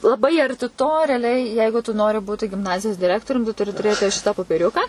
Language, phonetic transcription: Lithuanian, laˈbai arˈti to reaˈliai ˈjeigu tu ˈnori ˈbūti gimˈnazijos diˈrektorium tu tuˈri tuˈrėti ˈšita popeˈriuka

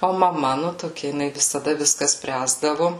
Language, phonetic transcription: Lithuanian, o maˈma nu toˈkia jiˈnai visaˈda visˈka ˈspręsdavu

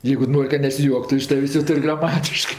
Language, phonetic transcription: Lithuanian, ˈjeigu ˈnor' ka nesiˈjuoktu iš ˈtavės' jo ˈtur' graˈmatiškɜ

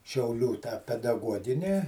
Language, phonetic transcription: Lithuanian, šiauˈlių tą pedaˈguogini

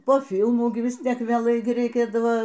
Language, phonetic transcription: Lithuanian, po ˈfilmų ˈgi ˈvis ˈtiek vėˈlai reiˈkėdava

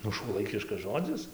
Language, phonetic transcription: Lithuanian, ˈnu šuoˈlaikiškas ˈžodzis

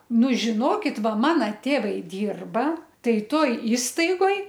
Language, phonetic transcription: Lithuanian, ˈnu žiˈnokit ˈva ˈmana ˈtėvai ˈdyrba ˈtai ˈtoj ˈįstaigoj

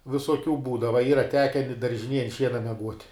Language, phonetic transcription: Lithuanian, visoˈkių ˈbūdava ˈyra ˈteke i daržiˈnėj ant ˈšiena meˈguot'

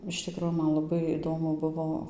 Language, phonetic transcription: Lithuanian, iš ˈtikro ˈman laˈbai įˈdomu ˈbuvo

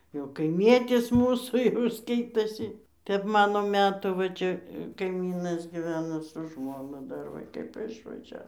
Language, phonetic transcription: Lithuanian, jau kaiˈmietis ˈmūsų jau ˈskaitosi ˈtep ˈmano ˈmetų va ˈčia kaiˈmynas giˈveno su ˈžmonu ˈdar ˈva kaip išvaˈžiavo

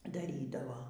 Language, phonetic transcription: Lithuanian, daˈrydavo

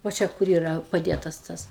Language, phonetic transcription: Lithuanian, vo ˈčia kur ˈyra paˈdėtas ˈtas

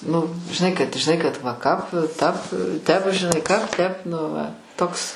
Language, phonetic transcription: Lithuanian, ˈnu žiˈnai kad žiˈnai kad va kap tap ˈtep žiˈnai ˈkap ˈtep nu ˈva ˈtoks

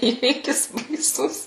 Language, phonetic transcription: Lithuanian, ˈįvykis baiˈsus

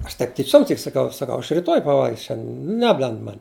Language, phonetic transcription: Lithuanian, ˈaš taip tiˈčiom tik saˈkau saˈkau aš riˈtoj paˈvalgis ˈšianden ˈneblend ˈman'

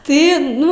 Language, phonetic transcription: Lithuanian, ˈtai ˈnu

